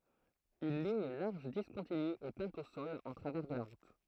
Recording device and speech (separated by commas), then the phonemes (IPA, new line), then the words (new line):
throat microphone, read sentence
yn liɲ laʁʒ diskɔ̃tiny ɛ pɛ̃t o sɔl ɑ̃ tʁavɛʁ də la ʁut
Une ligne large discontinue est peinte au sol en travers de la route.